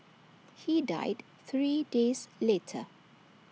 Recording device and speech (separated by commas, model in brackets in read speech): mobile phone (iPhone 6), read sentence